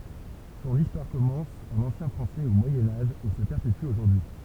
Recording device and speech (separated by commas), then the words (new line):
temple vibration pickup, read sentence
Son histoire commence en ancien français au Moyen Âge et se perpétue aujourd'hui.